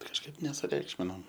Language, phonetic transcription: Lithuanian, kažˈkaip nesuˈreikšminom

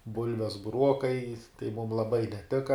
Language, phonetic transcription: Lithuanian, ˈbulves buˈruokai tai mum laˈbai neˈtika

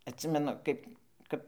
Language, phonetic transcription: Lithuanian, atˈsimenu ˈkaip ˈkap

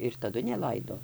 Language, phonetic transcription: Lithuanian, ir taˈdu neˈlaido

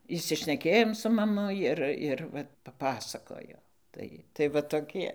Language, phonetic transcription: Lithuanian, išsišneˈkėjom su maˈmu ˈir ir ˈva paˈpasakojo ˈtai tai va toˈkie

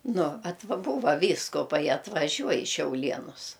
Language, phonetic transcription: Lithuanian, ˈnu ˈatva ˈbūva ˈvyskuˌpai atvaˈžiuoj i šiaulˈienus

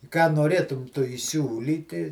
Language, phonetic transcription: Lithuanian, ką noˈrėtum ˈtu įˈsiūlyti

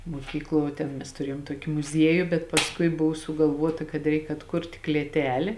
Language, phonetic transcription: Lithuanian, muoˈkykˌluo vuo ˈtėn ˈmes tuˈriejom ˈtuoki muˈzieju bet pasˈkui ˈbuvo sugalˈvuota kad ˈreik atˈkurt' klėˈtelė

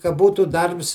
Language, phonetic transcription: Lithuanian, ka ˈbūtų ˈdarbs

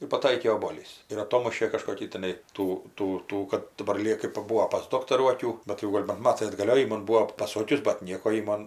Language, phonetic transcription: Lithuanian, ir paˈtaikė oboˈlys ir aˈtomušė kažkoˈkį tiˈnai ˈtų ˈtų ˈtų kad daˈbar lie kɜp paˈbūo pas ˈdoktarų aˈkių bet jau ˈgol' ban ˈmatai atgaˈlio jau ji ˈman ˈbūo paˈsokius bat ˈnieko ji ˈmon

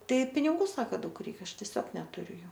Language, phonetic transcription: Lithuanian, ˈtai piniˈgų ˈsaka ˈdaug ˈreik ˈaš teˈsiog netuˈriu ˈjų

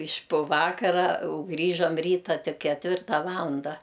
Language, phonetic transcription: Lithuanian, iš' pu ˈvakara u ˈgrįžam ˈryta ˈtik ketˈvirta ˈvalanda

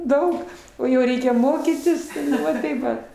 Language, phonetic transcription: Lithuanian, ˈdaug o jau ˈreikia ˈmokytis ˈva tai ˈvat

